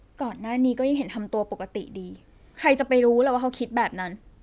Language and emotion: Thai, frustrated